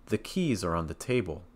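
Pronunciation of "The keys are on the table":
The intonation falls on 'table', the last word.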